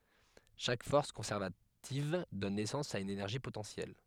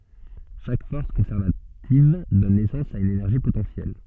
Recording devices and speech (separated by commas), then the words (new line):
headset microphone, soft in-ear microphone, read sentence
Chaque force conservative donne naissance à une énergie potentielle.